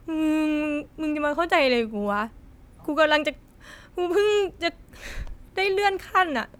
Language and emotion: Thai, sad